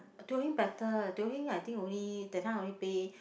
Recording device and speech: boundary microphone, conversation in the same room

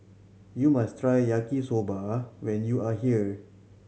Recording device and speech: mobile phone (Samsung C7100), read sentence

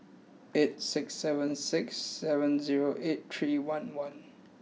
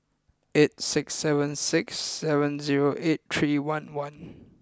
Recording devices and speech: mobile phone (iPhone 6), close-talking microphone (WH20), read sentence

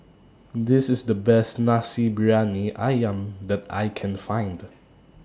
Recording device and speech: standing microphone (AKG C214), read sentence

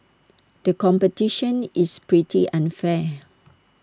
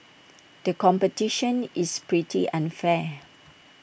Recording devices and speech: standing microphone (AKG C214), boundary microphone (BM630), read sentence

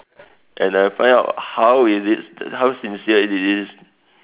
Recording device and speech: telephone, conversation in separate rooms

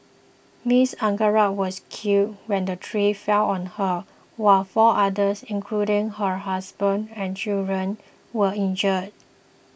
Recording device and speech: boundary microphone (BM630), read sentence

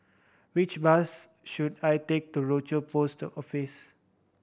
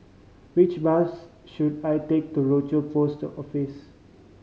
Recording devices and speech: boundary microphone (BM630), mobile phone (Samsung C5010), read sentence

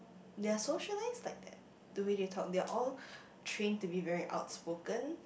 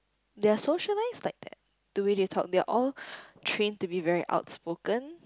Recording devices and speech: boundary microphone, close-talking microphone, conversation in the same room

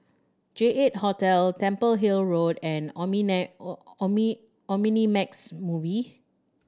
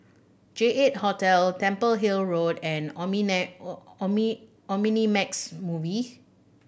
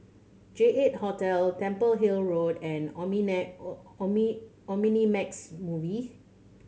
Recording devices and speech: standing microphone (AKG C214), boundary microphone (BM630), mobile phone (Samsung C7100), read sentence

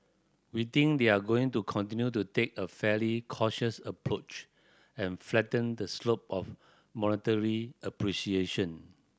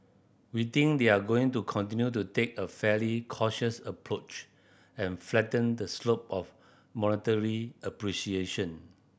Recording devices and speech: standing microphone (AKG C214), boundary microphone (BM630), read sentence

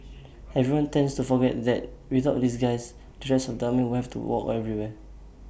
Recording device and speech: boundary microphone (BM630), read sentence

